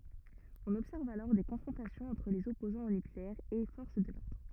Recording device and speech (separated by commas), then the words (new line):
rigid in-ear microphone, read sentence
On observe alors des confrontations entre les opposants au nucléaire et forces de l’ordre.